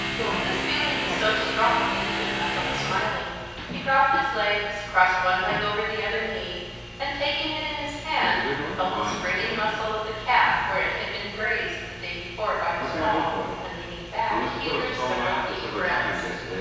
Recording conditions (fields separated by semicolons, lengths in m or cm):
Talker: one person; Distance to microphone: 7.1 m; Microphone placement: far; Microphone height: 1.7 m; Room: very reverberant, large; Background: television